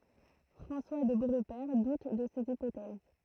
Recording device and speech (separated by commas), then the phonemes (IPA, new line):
throat microphone, read sentence
fʁɑ̃swa də boʁpɛʁ dut də sez ipotɛz